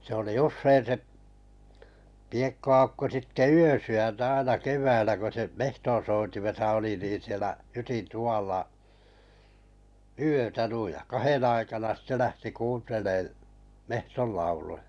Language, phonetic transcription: Finnish, se oli 'ussein se’ , piekko₍aukko sitte "yösy₍äntä 'aina 'kev̀äillä ko se 'mehton̬soitimesa oli niin sielä 'hytin 'tuʷàlla , "yötä nuij jᵃ 'kahen aikana sⁱtte 'lähti 'kuuntelee , 'mehtol lauluja .
- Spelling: se oli usein se Piekko-Aukko sitten yösydäntä aina keväällä kun se metsonsoitimessa oli niin siellä hytin tuvalla yötä noin ja kahden aikana sitten lähti kuuntelemaan metson lauluja

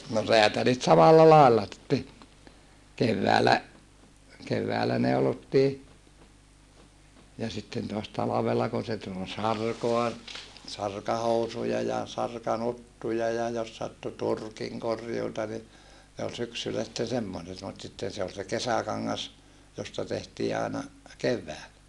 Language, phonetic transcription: Finnish, no reätälit samalla làella , kevväälä , kevväälä neulottii , ja sitten toas talavella kun se tul sarkoa , sarkahousuja ja , sarkanuttuja ja jos sattu turkiŋ korjuuta ni , ne ol syksyllä sitten semmoset mut sitten̬ se ol se kesäkaŋŋas , josta tehtii àena , kevväälä .
- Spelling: no räätälit samalla lailla keväällä keväällä neulottiin ja sitten taas talvella kun se tuli sarkaa sarkahousuja ja sarkanuttuja ja jos sattui turkin korjuuta niin ne oli syksyllä sitten semmoiset mutta sitten se oli se kesäkangas josta tehtiin aina keväällä

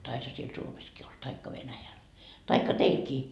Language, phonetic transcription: Finnish, taisha siel 'Suomeskii ol , 'taikka 'Venäjäl , taikka 'teilkii .
- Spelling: taisihan siellä Suomessakin olla tai Venäjällä tai teilläkin

